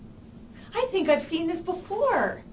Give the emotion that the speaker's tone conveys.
happy